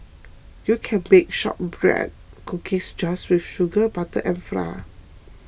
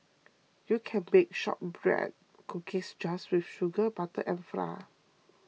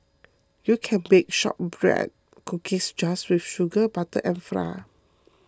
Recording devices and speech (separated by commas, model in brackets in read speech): boundary microphone (BM630), mobile phone (iPhone 6), close-talking microphone (WH20), read sentence